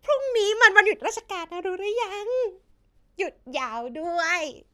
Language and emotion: Thai, happy